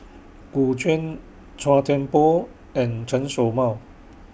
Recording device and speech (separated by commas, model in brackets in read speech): boundary microphone (BM630), read sentence